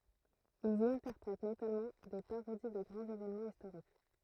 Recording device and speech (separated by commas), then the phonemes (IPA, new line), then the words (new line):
throat microphone, read sentence
ilz i ɛ̃tɛʁpʁɛt notamɑ̃ de paʁodi də ɡʁɑ̃z evenmɑ̃z istoʁik
Ils y interprètent notamment des parodies de grands événements historiques.